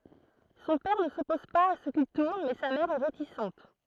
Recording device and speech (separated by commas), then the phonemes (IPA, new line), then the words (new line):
throat microphone, read sentence
sɔ̃ pɛʁ nə sɔpɔz paz a sə kil tuʁn mɛ sa mɛʁ ɛ ʁetisɑ̃t
Son père ne s'oppose pas à ce qu'il tourne mais sa mère est réticente.